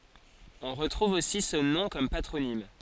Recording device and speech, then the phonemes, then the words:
forehead accelerometer, read sentence
ɔ̃ ʁətʁuv osi sə nɔ̃ kɔm patʁonim
On retrouve aussi ce nom comme patronyme.

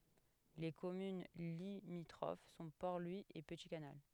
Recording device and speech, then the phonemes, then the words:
headset microphone, read sentence
le kɔmyn limitʁof sɔ̃ pɔʁ lwi e pəti kanal
Les communes limitrophes sont Port-Louis et Petit-Canal.

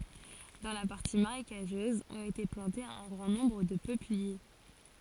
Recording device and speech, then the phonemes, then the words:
forehead accelerometer, read sentence
dɑ̃ la paʁti maʁekaʒøz ɔ̃t ete plɑ̃tez œ̃ ɡʁɑ̃ nɔ̃bʁ də pøplie
Dans la partie marécageuse ont été plantées un grand nombre de peupliers.

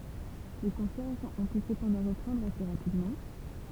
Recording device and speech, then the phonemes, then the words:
temple vibration pickup, read sentence
le kɔ̃sɛʁz ɔ̃ py səpɑ̃dɑ̃ ʁəpʁɑ̃dʁ ase ʁapidmɑ̃
Les concerts ont pu cependant reprendre assez rapidement.

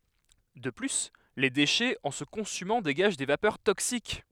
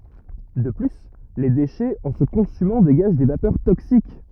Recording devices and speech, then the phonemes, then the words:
headset microphone, rigid in-ear microphone, read sentence
də ply le deʃɛz ɑ̃ sə kɔ̃symɑ̃ deɡaʒ de vapœʁ toksik
De plus, les déchets, en se consumant, dégagent des vapeurs toxiques.

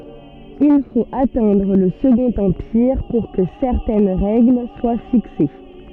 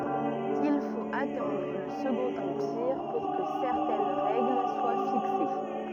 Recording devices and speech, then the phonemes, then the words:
soft in-ear microphone, rigid in-ear microphone, read sentence
il fot atɑ̃dʁ lə səɡɔ̃t ɑ̃piʁ puʁ kə sɛʁtɛn ʁɛɡl swa fikse
Il faut attendre le Second Empire pour que certaines règles soient fixées.

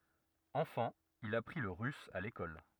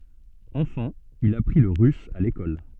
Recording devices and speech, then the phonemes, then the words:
rigid in-ear microphone, soft in-ear microphone, read sentence
ɑ̃fɑ̃ il apʁi lə ʁys a lekɔl
Enfant, il apprit le russe à l'école.

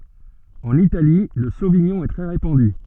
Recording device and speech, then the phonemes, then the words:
soft in-ear microphone, read sentence
ɑ̃n itali lə soviɲɔ̃ ɛ tʁɛ ʁepɑ̃dy
En Italie, le sauvignon est très répandu.

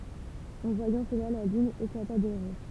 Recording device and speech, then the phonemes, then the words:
temple vibration pickup, read sentence
ɑ̃ vwajɑ̃ səla la lyn eklata də ʁiʁ
En voyant cela la lune éclata de rire.

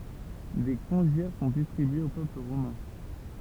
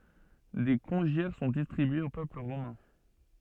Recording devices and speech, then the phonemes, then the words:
temple vibration pickup, soft in-ear microphone, read sentence
de kɔ̃ʒjɛʁ sɔ̃ distʁibyez o pøpl ʁomɛ̃
Des congiaires sont distribués au peuple romain.

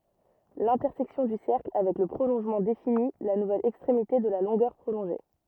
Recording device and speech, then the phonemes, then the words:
rigid in-ear microphone, read sentence
lɛ̃tɛʁsɛksjɔ̃ dy sɛʁkl avɛk lə pʁolɔ̃ʒmɑ̃ defini la nuvɛl ɛkstʁemite də la lɔ̃ɡœʁ pʁolɔ̃ʒe
L'intersection du cercle avec le prolongement définit la nouvelle extrémité de la longueur prolongée.

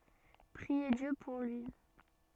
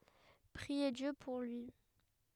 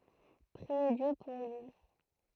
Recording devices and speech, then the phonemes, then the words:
soft in-ear microphone, headset microphone, throat microphone, read sentence
pʁie djø puʁ lyi
Priez Dieu pour lui.

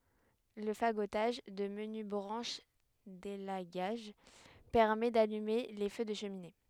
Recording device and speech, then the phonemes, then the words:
headset microphone, read sentence
lə faɡotaʒ də məny bʁɑ̃ʃ delaɡaʒ pɛʁmɛ dalyme le fø də ʃəmine
Le fagotage de menues branches d'élagage permet d'allumer les feux de cheminées.

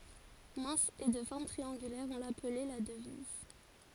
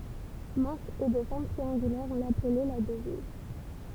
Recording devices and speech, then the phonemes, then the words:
forehead accelerometer, temple vibration pickup, read sentence
mɛ̃s e də fɔʁm tʁiɑ̃ɡylɛʁ ɔ̃ laplɛ la dəviz
Mince et de forme triangulaire, on l'appelait la Devise.

